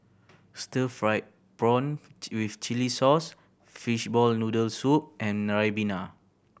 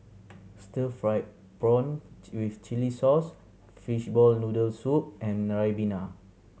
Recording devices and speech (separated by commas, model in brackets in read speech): boundary microphone (BM630), mobile phone (Samsung C7100), read sentence